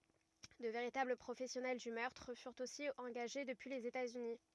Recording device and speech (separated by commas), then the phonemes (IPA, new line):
rigid in-ear microphone, read sentence
də veʁitabl pʁofɛsjɔnɛl dy mœʁtʁ fyʁt osi ɑ̃ɡaʒe dəpyi lez etaz yni